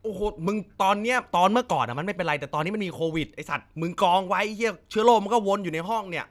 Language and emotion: Thai, angry